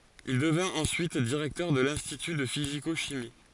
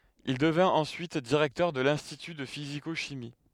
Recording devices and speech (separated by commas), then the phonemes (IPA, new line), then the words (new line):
forehead accelerometer, headset microphone, read sentence
il dəvɛ̃t ɑ̃syit diʁɛktœʁ də lɛ̃stity də fiziko ʃimi
Il devint ensuite directeur de l'institut de physico-chimie.